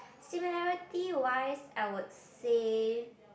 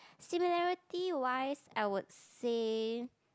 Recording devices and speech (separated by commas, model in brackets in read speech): boundary microphone, close-talking microphone, conversation in the same room